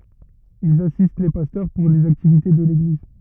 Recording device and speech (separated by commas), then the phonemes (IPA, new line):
rigid in-ear microphone, read sentence
ilz asist le pastœʁ puʁ lez aktivite də leɡliz